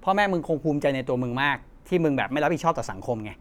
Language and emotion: Thai, frustrated